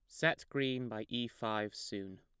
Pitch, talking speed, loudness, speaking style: 110 Hz, 180 wpm, -38 LUFS, plain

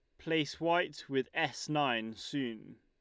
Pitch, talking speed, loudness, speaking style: 145 Hz, 140 wpm, -34 LUFS, Lombard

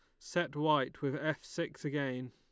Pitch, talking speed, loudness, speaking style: 145 Hz, 170 wpm, -35 LUFS, Lombard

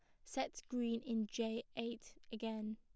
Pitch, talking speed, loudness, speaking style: 230 Hz, 145 wpm, -43 LUFS, plain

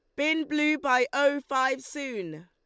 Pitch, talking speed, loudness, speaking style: 275 Hz, 160 wpm, -27 LUFS, Lombard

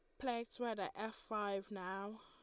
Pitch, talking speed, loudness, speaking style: 215 Hz, 175 wpm, -44 LUFS, Lombard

